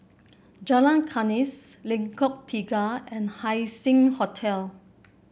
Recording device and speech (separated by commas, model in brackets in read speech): boundary microphone (BM630), read sentence